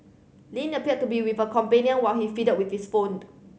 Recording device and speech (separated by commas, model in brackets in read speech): mobile phone (Samsung C7100), read sentence